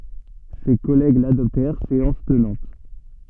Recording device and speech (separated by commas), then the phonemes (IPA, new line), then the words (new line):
soft in-ear microphone, read sentence
se kɔlɛɡ ladɔptɛʁ seɑ̃s tənɑ̃t
Ses collègues l’adoptèrent séance tenante.